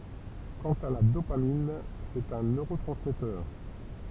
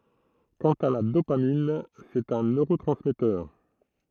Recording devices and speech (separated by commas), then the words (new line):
temple vibration pickup, throat microphone, read sentence
Quant à la dopamine, c'est un neurotransmetteur.